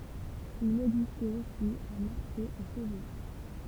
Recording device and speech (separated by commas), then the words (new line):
temple vibration pickup, read sentence
Il existait aussi un marché aux cheveux.